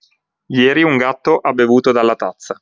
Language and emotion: Italian, neutral